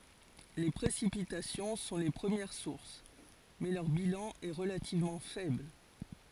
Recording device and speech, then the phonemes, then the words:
forehead accelerometer, read sentence
le pʁesipitasjɔ̃ sɔ̃ le pʁəmjɛʁ suʁs mɛ lœʁ bilɑ̃ ɛ ʁəlativmɑ̃ fɛbl
Les précipitations sont les premières sources, mais leur bilan est relativement faible.

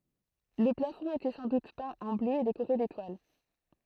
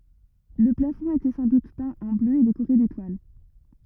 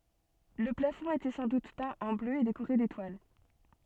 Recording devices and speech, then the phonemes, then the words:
throat microphone, rigid in-ear microphone, soft in-ear microphone, read sentence
lə plafɔ̃ etɛ sɑ̃ dut pɛ̃ ɑ̃ blø e dekoʁe detwal
Le plafond était sans doute peint en bleu et décoré d’étoiles.

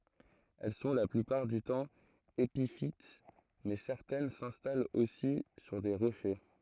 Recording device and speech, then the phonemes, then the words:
throat microphone, read sentence
ɛl sɔ̃ la plypaʁ dy tɑ̃ epifit mɛ sɛʁtɛn sɛ̃stalt osi syʁ de ʁoʃe
Elles sont, la plupart du temps, épiphytes mais certaines s'installent aussi sur des rochers.

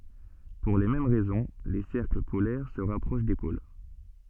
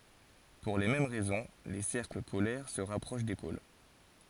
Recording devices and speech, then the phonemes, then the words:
soft in-ear microphone, forehead accelerometer, read sentence
puʁ le mɛm ʁɛzɔ̃ le sɛʁkl polɛʁ sə ʁapʁoʃ de pol
Pour les mêmes raisons, les cercles polaires se rapprochent des pôles.

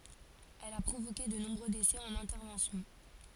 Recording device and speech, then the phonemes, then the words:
forehead accelerometer, read sentence
ɛl a pʁovoke də nɔ̃bʁø desɛ ɑ̃n ɛ̃tɛʁvɑ̃sjɔ̃
Elle a provoqué de nombreux décès en intervention.

